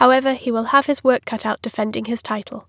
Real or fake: real